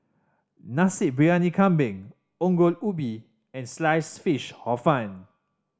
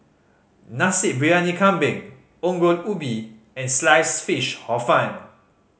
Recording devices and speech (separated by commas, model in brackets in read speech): standing microphone (AKG C214), mobile phone (Samsung C5010), read sentence